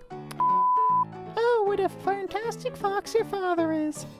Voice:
in high-pitched voice